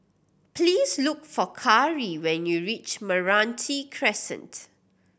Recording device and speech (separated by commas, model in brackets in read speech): boundary microphone (BM630), read sentence